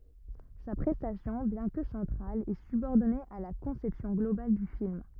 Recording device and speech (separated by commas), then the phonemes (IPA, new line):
rigid in-ear microphone, read sentence
sa pʁɛstasjɔ̃ bjɛ̃ kə sɑ̃tʁal ɛ sybɔʁdɔne a la kɔ̃sɛpsjɔ̃ ɡlobal dy film